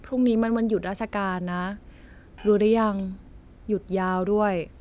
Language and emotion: Thai, neutral